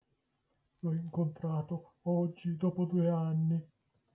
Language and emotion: Italian, sad